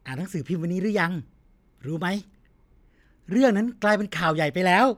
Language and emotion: Thai, happy